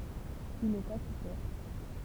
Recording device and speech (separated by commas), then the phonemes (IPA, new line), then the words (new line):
temple vibration pickup, read sentence
il ɛt akite
Il est acquitté.